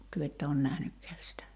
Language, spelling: Finnish, te ette ole nähnytkään sitä
- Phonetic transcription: 'työ että on "nähnykkɛäs sitä .

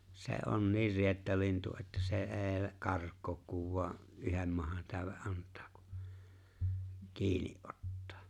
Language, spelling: Finnish, se on niin riettalintu että se ei karkaa kun vain yhden mahantäyden antaa kun kiinni ottaa
- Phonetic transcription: 'se̬ '’on "niir "riettalintu että se '’e̬e̬ , "kark̀̀ook kuv vu̬a’ , '’yhem mahantä̀̀öve’ '’ant̀aa ku , 'kiinɪ’ '’ottᴀᴀ̈ .

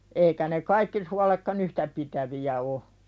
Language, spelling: Finnish, eikä ne kaikki suoletkaan yhtä pitäviä ole
- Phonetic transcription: eikä ne "kaikki sualekka'n ‿yhtä pitävi₍ä o .

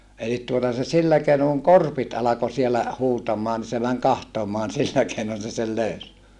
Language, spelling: Finnish, eli tuota se sillä keinoin kun korpit alkoi siellä huutamaan niin se meni katsomaan sillä keinoin se sen löysi
- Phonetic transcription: elit tuota se sillä keinoŋ kuŋ korpit alako sielä , huutam̀aa ni se mäŋ kahtomoan sillä keinon se sel löys .

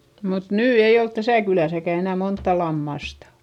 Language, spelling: Finnish, mutta nyt ei ole tässä kylässäkään enää montaa lammasta
- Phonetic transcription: mut nyy ei olt täsä̀ kylä̀säkä enä montta lammastA .

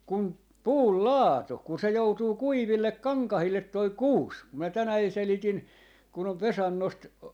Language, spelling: Finnish, kun puun laatu kun se joutuu kuiville kankaille tuo kuusi kun minä tänään selitin kun on Vesannosta
- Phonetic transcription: kum , "puul "laatu kun se 'joutuu "kuivillek "kaŋkahillet 'toi "kuus , ku mä "tänäi 'selitin , kun ‿ov "Vesannost , .

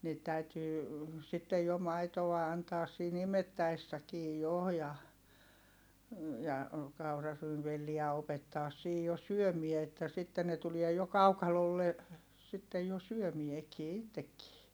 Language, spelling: Finnish, niitä täytyy sitten jo maitoa antaa siinä imettäessäkin jo ja ja kauraryynivelliä opettaa siinä jo syömään että sitten ne tuli jo kaukalolle sitten jo syömäänkin itsekin
- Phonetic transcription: niit täytyy , sittej jo maitoʷa antaas siin ‿imettäessäkii jo ja , ja , kauraryynvelliä opettaas siij jo syömie että sitten ne tuliɛ jo kaukalolle , sittej jo syömiekii ittekkii .

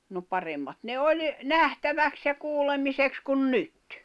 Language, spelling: Finnish, no paremmat ne oli nähtäväksi ja kuulemiseksi kuin nyt
- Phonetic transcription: no 'paremmat ne "oĺ , "nähtäväks ja 'kuullemiseks kun "nyt .

